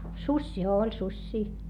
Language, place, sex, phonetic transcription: Finnish, Hietamäki, female, suśśii - ooĺ suśśii .
- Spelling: susia oli susia

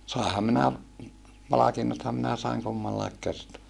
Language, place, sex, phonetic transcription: Finnish, Saarijärvi, male, sàeham minä , palakinnotham minä saiŋ kummallaik kertoa .
- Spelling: sainhan minä palkinnothan minä sain kummallakin kertaa

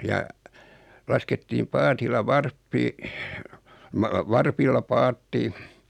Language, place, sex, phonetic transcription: Finnish, Noormarkku, male, ja , 'laskettiim "paatilla 'varppi , ma- 'varpilla 'paatti .
- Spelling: ja laskettiin paatilla varppi - varpilla paatti

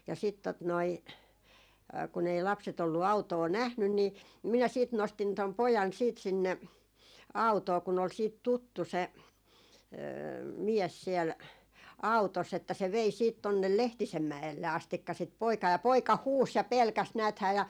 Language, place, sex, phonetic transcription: Finnish, Jaala, female, ja sit tot noi , kun ‿ei 'lapset ‿ollu 'autoo "nähnyn ni , 'minä siit 'nostin 'tom "pojan siit 'sinne , "autoo kun ‿ol siit "tuttu se , 'miɛs siɛl , "au̬toss ‿että se vei siit 'tonnel "Lehtisem 'mä₍elle astikka sit 'poikaa ja poika "huus ja "pelkäs 'nääthää ja ,.
- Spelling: ja sitten tuota noin kun ei lapset ollut autoa nähnyt niin minä sitten nostin tuon pojan sitten sinne autoon kun oli sitten tuttu se mies siellä autossa että se vei sitten tuonne Lehtisen mäelle asti sitä poikaa ja poika huusi ja pelkäsi näethän ja

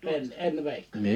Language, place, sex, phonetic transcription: Finnish, Liperi, male, 'en , 'en veikko(ńe) .
- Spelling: en en veikkonen

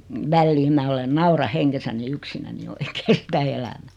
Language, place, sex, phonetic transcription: Finnish, Noormarkku, female, 'välliim mä 'olen "naura 'heŋGesäni 'yksinäni oikee 'sitä "elämᴀ̈ .
- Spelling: väliin minä olen nauran hengessäni yksinäni oikein sitä elämää

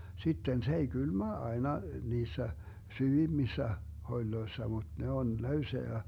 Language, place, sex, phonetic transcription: Finnish, Vermlanti, male, 'sitten se ei "Gylmä 'aena 'niissä , "syvimmissä , 'hoĺloessa muD 'ne 'on "löyseä (ja) .
- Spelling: sitten se ei kylmä aina niissä syvimmissä holeissa mutta ne on löysää ja

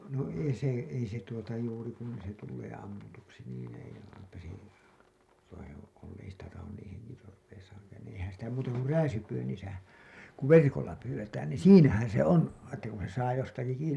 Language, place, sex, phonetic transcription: Finnish, Hailuoto, male, no 'ei se , 'ei se tuota juuri kun se tullee ammutuksi niin ei , eipä se , ei sitä tahon niin̬ , heŋkitorreisaaŋkaan niiḭ eihän sitä muuta kur "rää-sypyynnisä , ku "verkolla 'pyywwetään niin̬ "siinähän se 'on , että kun se saa jostaki 'kiini .
- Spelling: no ei se ei se tuota juuri kun se tulee ammutuksi niin ei eipä se ei sitä tahdo niin henkitoreissaankaan niin eihän sitä muuta kuin rääsypyynnissä kun verkolla pyydetään niin siinähän se on että kun se saa jostakin kiinni

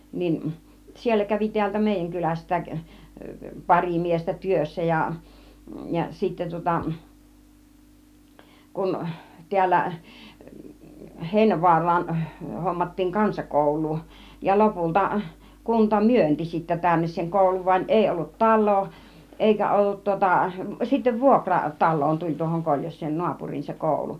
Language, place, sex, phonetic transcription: Finnish, Kiihtelysvaara, female, 'nin , 'siellä 'kävi tiältä 'mèijäŋ 'kyläst̀ääk , 'pari 'miestä 'työssä ja , ja 'sittä tŭŏta , 'kun , 'ti̬ällä , 'Hèinävu̬ar̆raan , hommattiiŋ 'kansakòul̆luu , ja 'lopulta , 'kunta "myönti sittä 'tännes seŋ 'kòuluv van 'èi ollut "tal̆loo , 'ˀèikä 'ollut tŭŏta , sittev "vuokra , 'tal̆loon 'tuĺ tuohoŋ 'Koĺjos̆seen 'nu̬apur̀iin se 'kòulu .
- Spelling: niin siellä kävi täältä meidän kylästäkin pari miestä työssä ja ja sitten tuota kun täällä Heinävaaraan hommattiin kansakoulua ja lopulta kunta myönsi sitten tänne sen koulun vaan ei ollut taloa eikä ollut tuota sitten vuokra taloon tuli tuohon Koljoseen naapuriin se koulu

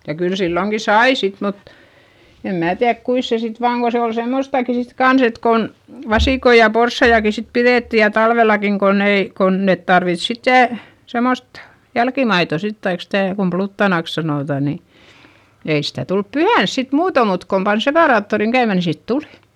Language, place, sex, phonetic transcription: Finnish, Eurajoki, female, ja kyl silloŋki sai sit mut , em mää tiäδk kuis se sit vaaŋ ko se ol semmostàki sit kans ‿et kon , vasìkoi ja porssaijaki sit piδètti ja talvelakiŋ konn ‿ei , kon net tarvit sittè , semost , jälkimaito sit taik stä̀ , kum pluttanàks sanòtà ni , ei sitä tulp pyhäns sit muuto mut kom pan sepàraattoriŋ käymä ni sit tulI .
- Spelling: ja kyllä silloinkin sai sitten mutta en minä tiedä kuinka se sitten vain kun se oli semmoistakin sitten kanssa että kun vasikoita ja porsaitakin sitten pidettiin ja talvellakin kun ei kun ne tarvitsi sitten semmoista jälkimaitoa sitten tai sitä kun pluttanaksi sanotaan niin ei sitä tullut pyhänä sitten muuten mutta kun pani separaattorin käymään niin sitten tuli

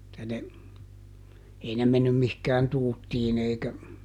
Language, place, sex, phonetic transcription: Finnish, Juupajoki, male, [et]tä ne , ˈei ne ˈmennym mihkään ˈtuuttiin ‿eikä ,.
- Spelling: että ne ei ne mennyt mihinkään tuuttiin eikä

